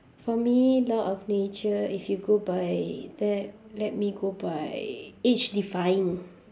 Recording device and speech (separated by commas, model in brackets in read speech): standing microphone, conversation in separate rooms